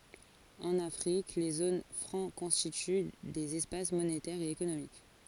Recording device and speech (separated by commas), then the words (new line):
forehead accelerometer, read sentence
En Afrique, les zones franc constituent des espaces monétaires et économiques.